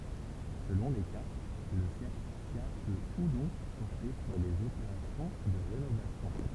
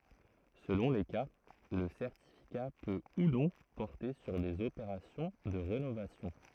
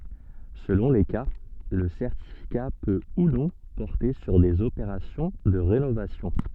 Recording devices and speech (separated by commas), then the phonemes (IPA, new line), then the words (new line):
temple vibration pickup, throat microphone, soft in-ear microphone, read sentence
səlɔ̃ le ka lə sɛʁtifika pø u nɔ̃ pɔʁte syʁ dez opeʁasjɔ̃ də ʁenovasjɔ̃
Selon les cas le certificat peut ou non porter sur des opérations de rénovation.